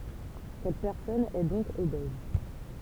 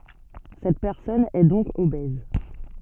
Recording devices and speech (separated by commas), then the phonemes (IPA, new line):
temple vibration pickup, soft in-ear microphone, read sentence
sɛt pɛʁsɔn ɛ dɔ̃k obɛz